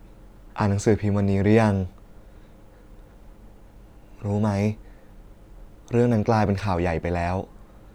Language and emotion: Thai, sad